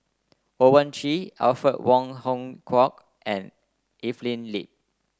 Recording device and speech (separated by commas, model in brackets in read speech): close-talking microphone (WH30), read sentence